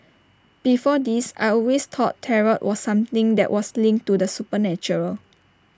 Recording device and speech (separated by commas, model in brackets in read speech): standing microphone (AKG C214), read sentence